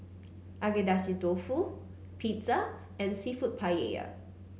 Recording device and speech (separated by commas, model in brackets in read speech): mobile phone (Samsung C9), read sentence